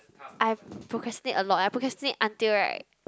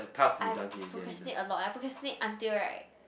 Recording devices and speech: close-talking microphone, boundary microphone, conversation in the same room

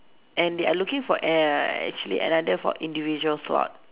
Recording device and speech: telephone, conversation in separate rooms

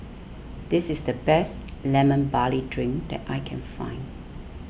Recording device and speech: boundary microphone (BM630), read sentence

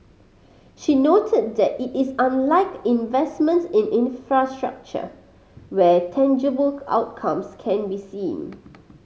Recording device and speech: mobile phone (Samsung C5010), read sentence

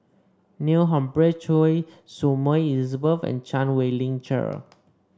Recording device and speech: standing microphone (AKG C214), read sentence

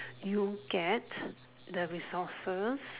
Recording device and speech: telephone, conversation in separate rooms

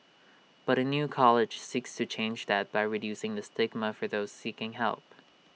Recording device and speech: mobile phone (iPhone 6), read sentence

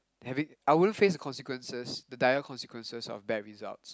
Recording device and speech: close-talking microphone, conversation in the same room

